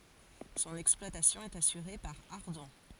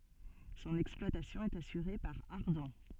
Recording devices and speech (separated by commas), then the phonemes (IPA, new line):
forehead accelerometer, soft in-ear microphone, read sentence
sɔ̃n ɛksplwatasjɔ̃ ɛt asyʁe paʁ aʁdɔ̃